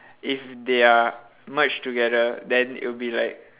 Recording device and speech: telephone, conversation in separate rooms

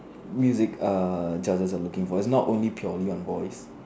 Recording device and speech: standing microphone, conversation in separate rooms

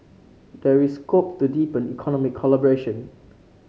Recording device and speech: mobile phone (Samsung C5), read sentence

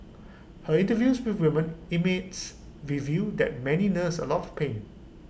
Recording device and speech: boundary microphone (BM630), read sentence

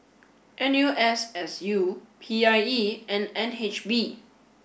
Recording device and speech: boundary microphone (BM630), read sentence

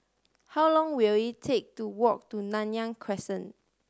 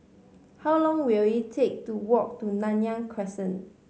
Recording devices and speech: standing microphone (AKG C214), mobile phone (Samsung C5010), read sentence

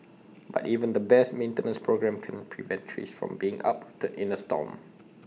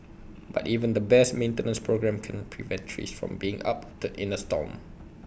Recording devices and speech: mobile phone (iPhone 6), boundary microphone (BM630), read sentence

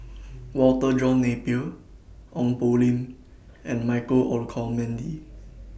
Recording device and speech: boundary microphone (BM630), read sentence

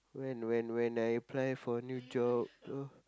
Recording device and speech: close-talking microphone, conversation in the same room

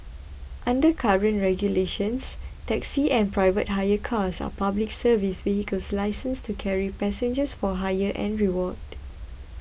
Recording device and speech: boundary microphone (BM630), read sentence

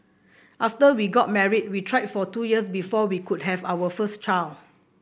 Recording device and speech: boundary microphone (BM630), read sentence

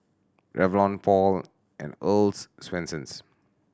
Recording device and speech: standing microphone (AKG C214), read sentence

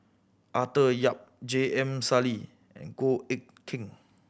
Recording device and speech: boundary microphone (BM630), read sentence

